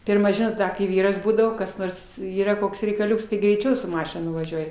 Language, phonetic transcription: Lithuanian, ˈpirma ˈžinot ˈda kai ˈvyras ˈbūdavo kas ˈnors ˈyra ˈkoks reikaˈliuks tai greiˈčiau su ˈmašin ˈnuvažiuoj

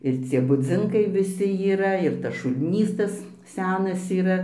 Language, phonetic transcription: Lithuanian, ir ˈcie buˈdzinkai viˈsi yˈra ir tas šulˈnys ˈtas ˈsenas yˈra

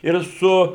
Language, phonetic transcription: Lithuanian, ir ˈsu

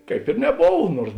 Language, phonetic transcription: Lithuanian, kaip ir neˈbov ˈnuors

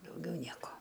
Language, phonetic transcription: Lithuanian, dauˈgiau ˈnieko

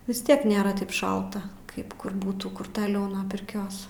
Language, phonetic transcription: Lithuanian, vis ˈtiek nėˈra ˈtaip ˈšalta ˈkaip kur ˈbūtų kur taˈliau nuo pirˈkios

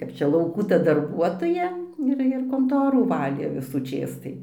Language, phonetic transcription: Lithuanian, ˈkap čia lauˈkų ta darˈbuotoja ˈir ir konˈtorų ˈvalė visųˈčės tai

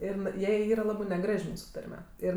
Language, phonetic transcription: Lithuanian, ˈir n ˈjai ˈyra ˈlabɜ neˈgraž' ˈmūsu ˈtarme ˈir

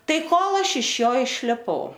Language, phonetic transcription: Lithuanian, ˈtai ˈkol ˈaš iš ˈjo išliˈpau

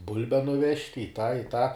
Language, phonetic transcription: Lithuanian, ˈbulbe nuˈvežt' i tą i tą

